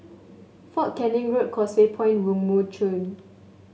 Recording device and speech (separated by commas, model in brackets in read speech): mobile phone (Samsung S8), read sentence